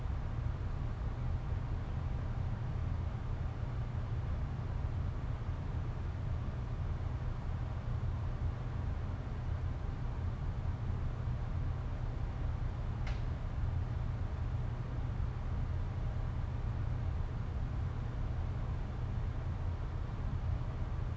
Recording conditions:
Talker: no one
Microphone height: 1.8 m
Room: medium-sized (5.7 m by 4.0 m)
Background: none

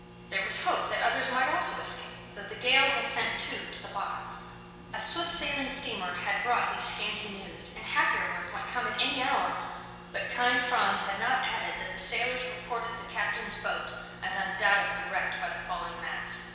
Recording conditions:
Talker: one person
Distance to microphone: 1.7 m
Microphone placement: close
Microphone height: 1.0 m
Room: very reverberant, large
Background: none

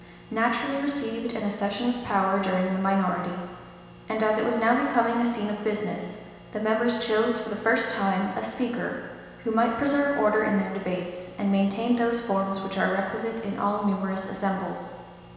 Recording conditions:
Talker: one person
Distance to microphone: 1.7 m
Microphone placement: close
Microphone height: 1.0 m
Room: very reverberant, large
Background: none

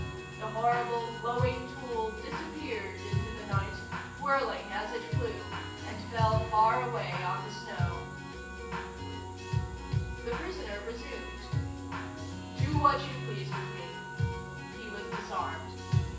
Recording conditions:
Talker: one person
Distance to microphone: 9.8 m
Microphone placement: far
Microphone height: 1.8 m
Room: large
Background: music

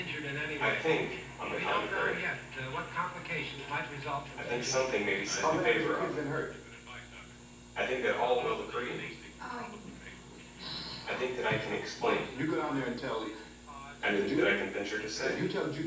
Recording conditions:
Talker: one person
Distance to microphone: 9.8 m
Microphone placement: far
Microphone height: 1.8 m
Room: large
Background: television

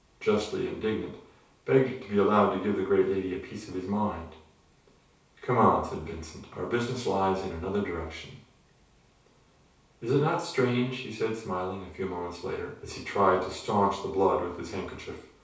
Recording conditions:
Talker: one person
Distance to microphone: 3.0 m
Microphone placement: far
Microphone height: 1.8 m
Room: small (3.7 m by 2.7 m)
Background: none

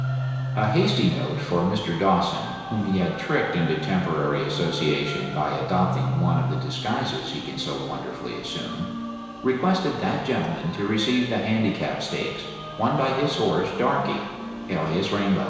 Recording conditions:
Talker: one person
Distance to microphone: 1.7 m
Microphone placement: close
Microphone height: 1.0 m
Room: very reverberant, large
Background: music

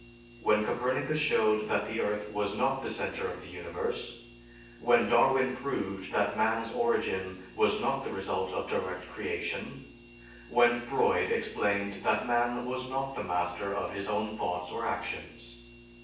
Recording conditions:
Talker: one person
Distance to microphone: 9.8 m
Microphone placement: far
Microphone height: 1.8 m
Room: large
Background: none

